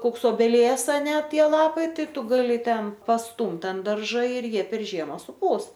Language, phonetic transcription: Lithuanian, ˈkoks obeˈlies aˈne ˈtie ˈlapai ˈtai ˈtu ˈgali ˈten pasˈtumt ant ˈdarža ir ˈjie per ˈžiema suˈpūs

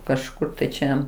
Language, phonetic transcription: Lithuanian, kažˈkur ˈčia

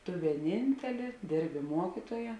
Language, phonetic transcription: Lithuanian, tu vieˈnintelė ˈdėrbi ˈmuokituoja

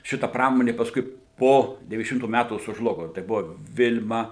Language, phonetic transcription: Lithuanian, ˈšita ˈpramonė pasˈkui ˈpo devyniasdeˈšimtų ˈmætų sužˈlugo tai ˈbuvo ˈvil'ma

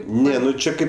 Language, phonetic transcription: Lithuanian, ˈne nu ˈčia ˈkaip

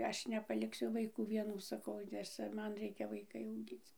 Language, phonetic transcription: Lithuanian, ˈaš nepalikˈsiu vaiˈkų vieˈnų saˈkau nes ˈcia ˈman ˈreikia vaiˈkai auˈgyc

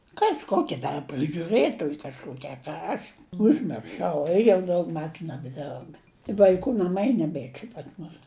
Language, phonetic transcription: Lithuanian, kažˈkoki ˈdar prɨžiuˈrɘtoj kažˈkoki a ˈka aš užmirˈšau jau ˈdaug ˈmetu nebeˈderb vaiˈkų naˈmai neˈbė čia pas ˈmus

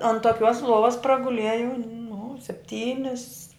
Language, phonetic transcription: Lithuanian, an toˈkiuos ˈluovas praguˈliejau nu sepˈtynis

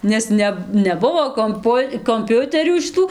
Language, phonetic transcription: Lithuanian, nes ˈne neˈbuvo komˈpu komˈpiuterių šiˈtų

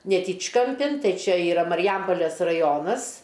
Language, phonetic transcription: Lithuanian, neˈtyčkamˌpin ˈtai ˈčia yˈra mariˈjampolės raˈjonas

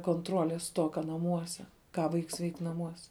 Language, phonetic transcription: Lithuanian, konˈtrolės ˈstoka naˈmuose ˈką ˈvaiks veik' naˈmuose

